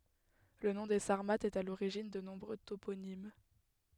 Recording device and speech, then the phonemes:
headset microphone, read sentence
lə nɔ̃ de saʁmatz ɛt a loʁiʒin də nɔ̃bʁø toponim

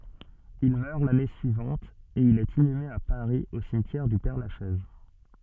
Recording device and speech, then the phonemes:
soft in-ear microphone, read sentence
il mœʁ lane syivɑ̃t e il ɛt inyme a paʁi o simtjɛʁ dy pɛʁlaʃɛz

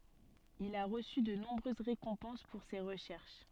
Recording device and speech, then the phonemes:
soft in-ear microphone, read sentence
il a ʁəsy də nɔ̃bʁøz ʁekɔ̃pɑ̃s puʁ se ʁəʃɛʁʃ

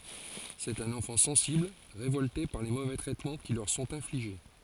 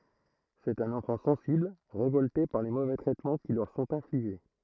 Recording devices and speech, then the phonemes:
forehead accelerometer, throat microphone, read sentence
sɛt œ̃n ɑ̃fɑ̃ sɑ̃sibl ʁevɔlte paʁ le movɛ tʁɛtmɑ̃ ki lœʁ sɔ̃t ɛ̃fliʒe

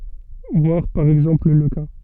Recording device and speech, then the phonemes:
soft in-ear microphone, read sentence
vwaʁ paʁ ɛɡzɑ̃pl lə ka

